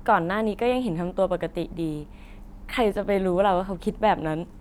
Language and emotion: Thai, neutral